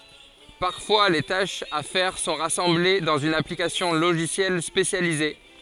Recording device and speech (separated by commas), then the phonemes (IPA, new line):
forehead accelerometer, read sentence
paʁfwa le taʃz a fɛʁ sɔ̃ ʁasɑ̃ble dɑ̃z yn aplikasjɔ̃ loʒisjɛl spesjalize